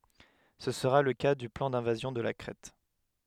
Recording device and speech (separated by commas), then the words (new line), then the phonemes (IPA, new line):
headset microphone, read sentence
Ce sera le cas du plan d'invasion de la Crète.
sə səʁa lə ka dy plɑ̃ dɛ̃vazjɔ̃ də la kʁɛt